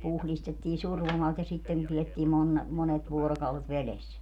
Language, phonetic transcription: Finnish, 'puhlistettii 'survomalt ja 'sitten ne piettii mon- , 'monet 'vuorokaulet "veles .
- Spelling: puhdistettiin survomalta ja sitten ne pidettiin - monet vuorokaudet vedessä

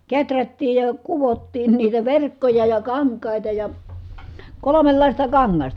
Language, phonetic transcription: Finnish, keträttiij ja , kuvottiin niitä verkkoja ja kaŋk̀àita ja , kolomellàista kaŋŋasta .
- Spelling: kehrättiin ja kudottiin niitä verkkoja ja kankaita ja kolmenlaista kangasta

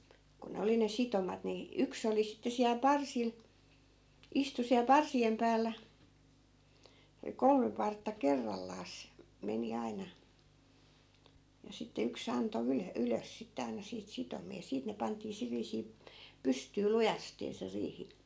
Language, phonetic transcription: Finnish, ku 'ne oli ne 'sitomat ni , 'yks ‿oli 'sitte siäl "parsil , 'istu siäl 'parsi₍em päällä , (se oli) 'kolme partta 'kerrallaas , 'meni aina , ja sitte 'yks ‿anto 'ylö- , 'ylös sitte aina 'siit 'sitomi₍a ja 'siit ne 'pant̀ii 'sil viisii , 'pystyy , "lujastee se 'riihi .
- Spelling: kun ne oli ne sitomat niin yksi oli sitten siellä parsilla istui siellä parsien päällä se oli kolme partta kerrallaan meni aina ja sitten yksi antoi - ylös sitten aina siitä sitomia ja siitä ne pantiin sillä viisiin pystyyn lujasti se riihi

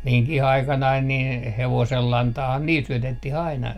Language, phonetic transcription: Finnish, 'miŋkih 'aikanain nin , 'hevosellantaahaa "niil 'syötet - ti'h ‿aina .
- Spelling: minunkin aikanani niin hevosenlantaahan niille - syötettiin aina

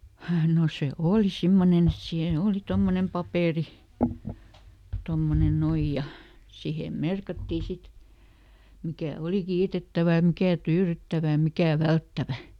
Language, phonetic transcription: Finnish, no ˈse "ooli ˈsimmonen ‿et siin ˈooli ˈtommonem ˈpapèri , ˈtommonen ˈnoij ja , ˈsihem "merkattii ˈsit , ˈmikä̀ ˈoli "kiitettävä ʲᵃ ˈmikä̀ "tyyryttävä ʲᵃ "mikä̀ "välttävä .
- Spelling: no se oli semmoinen että siinä oli tuommoinen paperi tuommoinen noin ja siihen merkattiin sitten mikä oli kiitettävä ja mikä tyydyttävä ja mikä välttävä

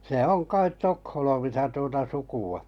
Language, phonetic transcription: Finnish, se 'oŋ 'kait 'Tokholmisa tuota 'suku₍a .
- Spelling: se on kai Tukholmassa tuota sukua

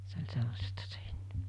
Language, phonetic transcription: Finnish, se oĺ 'sellasta se 'ᴇɴɴᴇ .
- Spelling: se oli sellaista se ennen

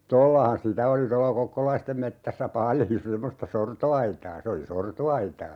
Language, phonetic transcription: Finnish, "tollahan 'sitä oli tolla "kokkolaistem 'mettässä "paljo 'semmosta "sorto₍aitaa 'se oli "sorto₍aitaa .
- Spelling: tuollahan sitä oli tuolla kokkolaisten metsässä paljon semmoista sortoaitaa se oli sortoaitaa

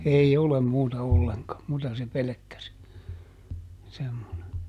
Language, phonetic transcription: Finnish, ˈei "olem ˈmuuta olleŋka , ˈmuuta se ˈpelᵉkkä se , semmone .
- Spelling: ei ole muuta ollenkaan muuta se pelkkä se semmoinen

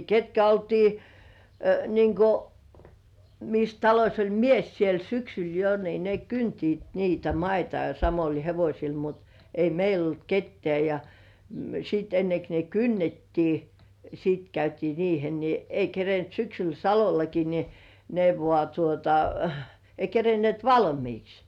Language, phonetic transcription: Finnish, ketkä oltii , niiŋ ko , mis 'taloś oĺ "mies siel 'syksyl jo ni ne "kyntiit niitä 'maita ja samoĺ hevośil mut , 'ei meil ‿olt "kettĕä̀ ja , siit 'ennek ne "kynnettii , sit 'käytii "riihel ni , 'ei kerent syksyl 'Salolaki ni , ne vŏà tuota , 'ei 'kerenĭèt "valmiiks .
- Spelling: ketkä oltiin niin kuin missä talossa oli mies siellä syksyllä jo niin ne kyntivät niitä maita ja samoilla hevosilla mutta ei meillä ollut ketään ja sitten ennen kuin ne kynnettiin sitten käytiin riihellä niin ei kerinnyt syksyllä Salollakin niin ne vain tuota ei kerinneet valmiiksi

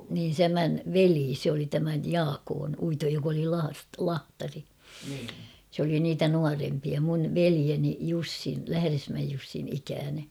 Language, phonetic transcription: Finnish, niin 'tämän , "velii se oli tämäj "Jaakoon Uitoj jok ‿oli laast- 'lahtari sᵉ ‿oli niitä "nuarempia mun̳ "velieni "Jussin̬ , 'Lähäresmäej Jussin 'ikääne .
- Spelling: niin tämän veli se oli tämän Jaakon Uiton joka oli - lahtari se oli niitä nuorempia minun veljeni Jussin Lähdesmäen Jussin ikäinen

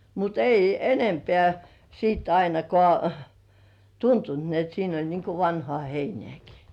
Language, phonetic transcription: Finnish, mutt ‿'ei "enempeä§ siit 'ainakoà , "tuntunt ni ‿et siin ‿oĺ niŋku "vanhŏ§à 'heinĕä̀§ki .
- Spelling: mutta ei enempää sitten ainakaan tuntunut niin että siinä oli niin kuin vanhaa heinääkin

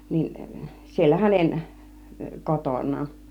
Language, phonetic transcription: Finnish, 'nin , siellä 'hänen , 'koton̆naa(n) .
- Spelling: niin siellä hänen kotonaan

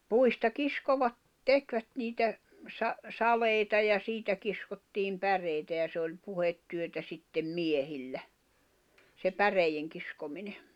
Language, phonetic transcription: Finnish, 'puista 'kiskovat , 'tekvät niitä , sa- , 'salèita ja 'siitä kiskottiim 'päreitä ja se oĺ 'puhettyötä sittem "miehillä , se 'päreijeŋkiskomine .
- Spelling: puista kiskoivat tekivät niitä - saleita ja siitä kiskottiin päreitä ja se oli puhetyötä sitten miehillä se päreidenkiskominen

